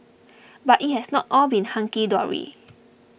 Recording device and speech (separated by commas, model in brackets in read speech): boundary microphone (BM630), read sentence